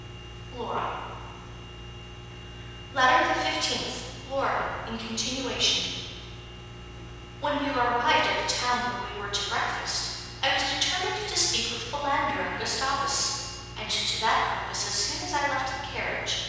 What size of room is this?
A large, echoing room.